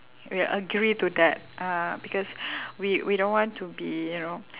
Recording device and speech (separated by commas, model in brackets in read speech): telephone, conversation in separate rooms